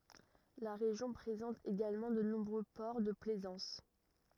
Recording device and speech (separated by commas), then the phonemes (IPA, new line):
rigid in-ear microphone, read sentence
la ʁeʒjɔ̃ pʁezɑ̃t eɡalmɑ̃ də nɔ̃bʁø pɔʁ də plɛzɑ̃s